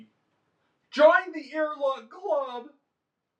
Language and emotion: English, fearful